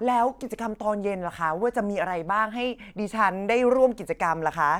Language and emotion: Thai, happy